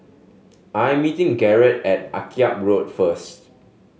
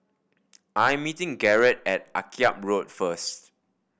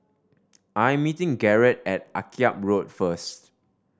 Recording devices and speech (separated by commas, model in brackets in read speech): mobile phone (Samsung S8), boundary microphone (BM630), standing microphone (AKG C214), read sentence